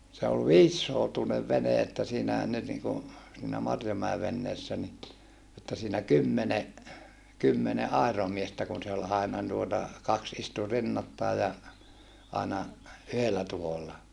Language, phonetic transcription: Finnish, se ol viissoutunev vene että siinähän nyt niŋku , siinä Marjomäe venneessä ni , että siinä kymmene , kymmene ʼàiromiestä kun se ol aina tuota , kaks istu rinnattai ja , aina , yhellä tuholla .
- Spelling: se oli viisisoutuinen vene että siinähän nyt niin kuin siinä Marjomäen veneessä niin että siinä kymmenen kymmenen airomiestä kun se oli aina tuota kaksi istui rinnattain ja aina yhdellä tuhdolla

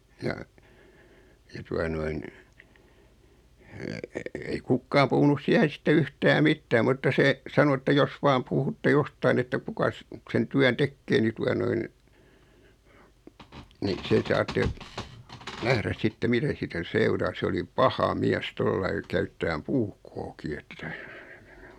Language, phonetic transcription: Finnish, 'ja , ja 'tua noin , ei "kukkaam puhunus 'siähen̬ sⁱtte "yhtää "mittää mutta 'se , 'sano että » 'jos "vaam 'puhutte "jostain ‿että 'kukas , sen 'tyän "tekkee ni 'tua noin , ni 'se saatte , 'nähräs 'sitte "mitä siitä "seuraa « 'se oli "paha "miäs 'tollai 'käyttääm "puukkooki ᴇttᴀ̈ ,.
- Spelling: ja ja tuota noin ei kukaan puhunut siihen sitten yhtään mitään mutta se sanoi että jos vain puhutte jostakin että kukas sen työn tekee niin tuota noin niin sen saatte nähdä sitten mitä siitä seuraa se oli paha mies tuolla lailla käyttämään puukkoakin että

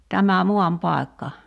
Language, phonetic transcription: Finnish, 'tämä "muam'pài̬kka .
- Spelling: tämä maanpaikka

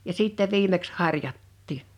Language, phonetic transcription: Finnish, ja 'sìttɛ 'viimeks "har̀jattii .
- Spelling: ja sitten viimeksi harjattiin

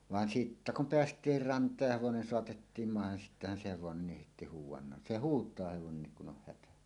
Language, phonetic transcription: Finnish, 'vàen sittä kum "peäst̀iir 'rant̀aaj ja 'hevonen soatettiim màehen sittähän se hevonennih hèitti 'huuw̆wannan "se "huut̀aa 'hevonennik kun oh 'hätä .
- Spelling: vaan sitten kun päästiin rantaan ja hevonen saatettiin maihin sittenhän se hevonen heitti huudannan se huutaa hevonenkin kun on hätä

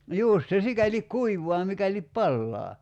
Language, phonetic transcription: Finnish, 'jùst se "sikälik "kuivoa 'mikälip "pallaa .
- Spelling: just se sikäli kuivaa mikäli palaa

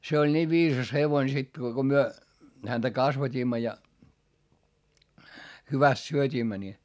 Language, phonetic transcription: Finnish, se oĺ niiv viisas hevoin sekkii ko ko myö , häntä kasvat́iimma ja , hyväst syöt́iimmä ni .
- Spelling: se oli niin viisas hevonen sekin kun kun me häntä kasvatimme ja hyvästi syötimme niin

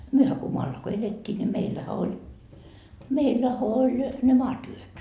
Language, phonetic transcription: Finnish, 'myöhä ko 'moalla ko "elet́t́ii ńi 'meillähä 'oĺ , 'meillähä oĺ ne "maatyöt .
- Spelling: mehän kun maalla kun elettiin niin meillähän oli meillähän oli ne maatyöt

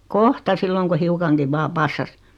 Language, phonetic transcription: Finnish, 'kohta 'silloŋ ku 'hiukaŋkiv 'vaa "passas .
- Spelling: kohta silloin kun hiukankin vain passasi

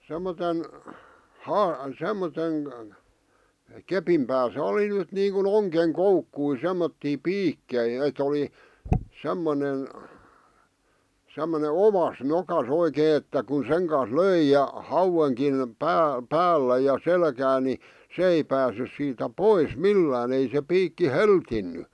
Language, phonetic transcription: Finnish, 'semmoten , 'haa- , 'semmoten , "kepim pääsä oli nyt niiŋku"n ‿oŋkeŋ 'koukkui 'semmottii "piikkei et ‿oli , 'semmone , 'semmone "ovas 'nokas 'oikee että kun 'seŋ kans "löi ja , "hauweŋkin , 'pää- , 'päällä ja 'selkää ni , 'sᵉ ei päässys siitä "pois "millään ‿ei se 'piikki "heltinny .
- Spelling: semmoisen - semmoisen kepin päässä oli nyt niin kuin ongen koukkuja semmoisia piikkejä että oli semmoinen semmoinen oas nokassa oikein että kun sen kanssa löi ja hauenkin - päällä ja selkää niin se ei päässyt siitä pois millään ei se piikki hellinnyt

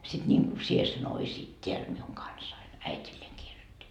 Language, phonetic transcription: Finnish, sit ńiŋku 'sie sen oisiit 't́eäl miuŋ 'kansain » , 'äit́illeeŋ kirjot́t́i .
- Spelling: sitten niin kuin sinä sen olisit täällä minun kanssani äidilleen kirjoitti

